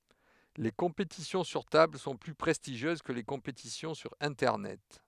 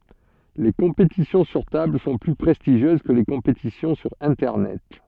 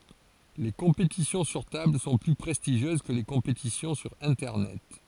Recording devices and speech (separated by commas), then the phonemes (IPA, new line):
headset microphone, soft in-ear microphone, forehead accelerometer, read sentence
le kɔ̃petisjɔ̃ syʁ tabl sɔ̃ ply pʁɛstiʒjøz kə le kɔ̃petisjɔ̃ syʁ ɛ̃tɛʁnɛt